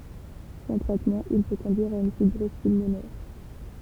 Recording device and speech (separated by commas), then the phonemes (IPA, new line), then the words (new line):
temple vibration pickup, read sentence
sɑ̃ tʁɛtmɑ̃ il pø kɔ̃dyiʁ a yn fibʁɔz pylmonɛʁ
Sans traitement il peut conduire à une fibrose pulmonaire.